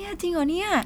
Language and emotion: Thai, happy